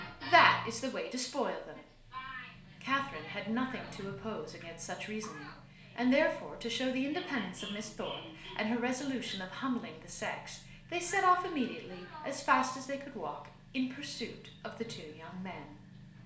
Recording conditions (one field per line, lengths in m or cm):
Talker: one person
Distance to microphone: 1.0 m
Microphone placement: close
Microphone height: 1.1 m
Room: small (3.7 m by 2.7 m)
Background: television